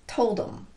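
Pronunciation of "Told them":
In 'told them', the pronoun 'them' is reduced and linked to the word before it, 'told'.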